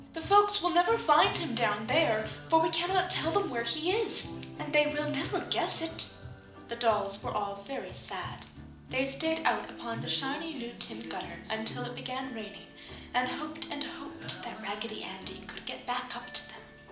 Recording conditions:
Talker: one person; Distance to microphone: 2.0 m; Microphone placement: close; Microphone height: 99 cm; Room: medium-sized (5.7 m by 4.0 m); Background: music

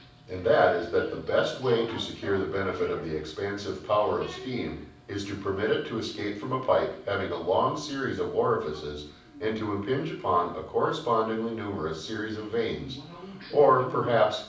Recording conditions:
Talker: one person; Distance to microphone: 5.8 m; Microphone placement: far; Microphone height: 1.8 m; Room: medium-sized (5.7 m by 4.0 m); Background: television

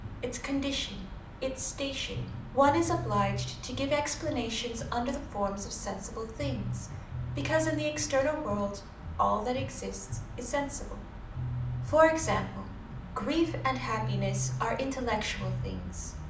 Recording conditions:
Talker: one person; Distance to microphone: 2.0 m; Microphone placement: close; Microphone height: 99 cm; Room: medium-sized (5.7 m by 4.0 m); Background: music

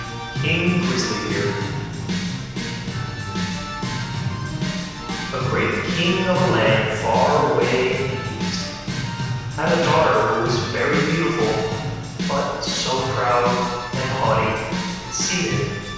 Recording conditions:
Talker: one person; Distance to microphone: 7.1 m; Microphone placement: far; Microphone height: 1.7 m; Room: very reverberant, large; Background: music

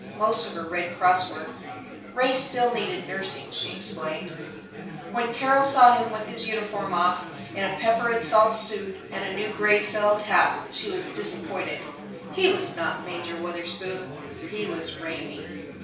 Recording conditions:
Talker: one person; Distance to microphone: 3.0 m; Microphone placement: far; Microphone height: 1.8 m; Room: small (3.7 m by 2.7 m); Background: babble

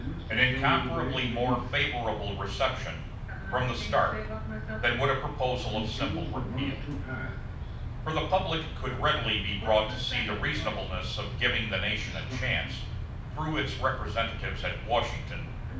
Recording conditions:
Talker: one person; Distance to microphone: 5.8 m; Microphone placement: far; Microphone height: 1.8 m; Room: medium-sized (5.7 m by 4.0 m); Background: television

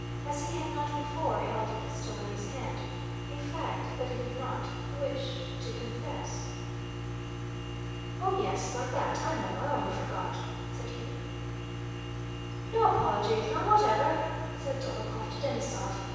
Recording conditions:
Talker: one person; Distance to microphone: 7.1 m; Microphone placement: far; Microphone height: 1.7 m; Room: very reverberant, large; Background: none

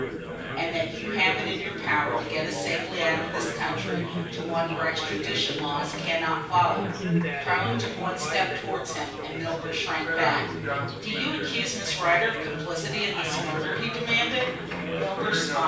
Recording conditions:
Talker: one person; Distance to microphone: 9.8 m; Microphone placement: far; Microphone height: 1.8 m; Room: large; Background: babble

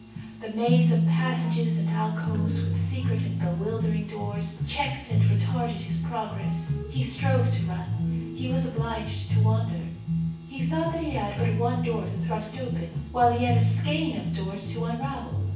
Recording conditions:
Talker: one person; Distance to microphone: 9.8 m; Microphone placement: far; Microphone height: 1.8 m; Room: large; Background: music

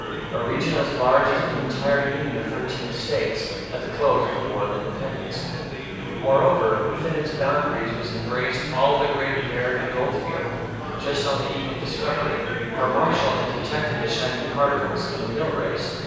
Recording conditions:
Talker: one person; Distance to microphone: 7.1 m; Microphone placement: far; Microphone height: 1.7 m; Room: very reverberant, large; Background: babble

